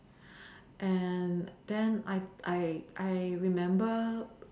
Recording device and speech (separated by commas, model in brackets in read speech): standing microphone, conversation in separate rooms